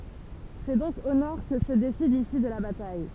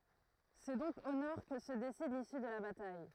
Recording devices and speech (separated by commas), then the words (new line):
temple vibration pickup, throat microphone, read sentence
C'est donc au nord que se décide l'issue de la bataille.